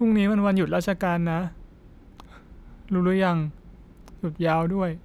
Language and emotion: Thai, sad